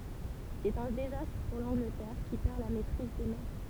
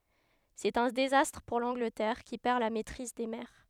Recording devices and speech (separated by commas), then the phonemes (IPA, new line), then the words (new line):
temple vibration pickup, headset microphone, read sentence
sɛt œ̃ dezastʁ puʁ lɑ̃ɡlətɛʁ ki pɛʁ la mɛtʁiz de mɛʁ
C'est un désastre pour l'Angleterre, qui perd la maîtrise des mers.